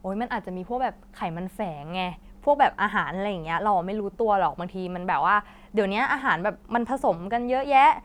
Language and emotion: Thai, neutral